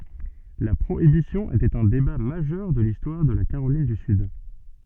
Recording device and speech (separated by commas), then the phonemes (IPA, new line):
soft in-ear microphone, read sentence
la pʁoibisjɔ̃ etɛt œ̃ deba maʒœʁ də listwaʁ də la kaʁolin dy syd